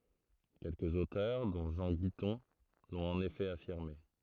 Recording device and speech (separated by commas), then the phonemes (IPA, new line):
throat microphone, read sentence
kɛlkəz otœʁ dɔ̃ ʒɑ̃ ɡitɔ̃ lɔ̃t ɑ̃n efɛ afiʁme